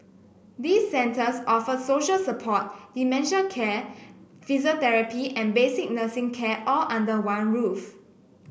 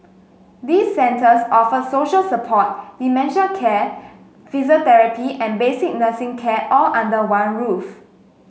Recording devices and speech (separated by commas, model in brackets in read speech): boundary microphone (BM630), mobile phone (Samsung S8), read sentence